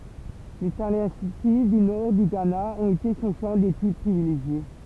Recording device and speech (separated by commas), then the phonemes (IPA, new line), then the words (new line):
temple vibration pickup, read sentence
le talɑ̃si dy nɔʁ dy ɡana ɔ̃t ete sɔ̃ ʃɑ̃ detyd pʁivileʒje
Les Tallensi du Nord du Ghana ont été son champ d'étude privilégié.